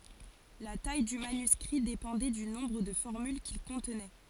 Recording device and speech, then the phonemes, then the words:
forehead accelerometer, read sentence
la taj dy manyskʁi depɑ̃dɛ dy nɔ̃bʁ də fɔʁmyl kil kɔ̃tnɛ
La taille du manuscrit dépendait du nombre de formules qu'il contenait.

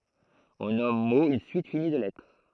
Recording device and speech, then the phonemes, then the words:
throat microphone, read sentence
ɔ̃ nɔm mo yn syit fini də lɛtʁ
On nomme mot une suite finie de lettres.

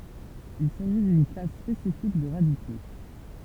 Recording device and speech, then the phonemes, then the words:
temple vibration pickup, read sentence
il saʒi dyn klas spesifik də ʁadiko
Il s'agit d'une classe spécifique de radicaux.

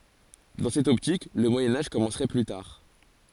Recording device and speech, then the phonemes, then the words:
forehead accelerometer, read sentence
dɑ̃ sɛt ɔptik lə mwajɛ̃ aʒ kɔmɑ̃sʁɛ ply taʁ
Dans cette optique, le Moyen Âge commencerait plus tard.

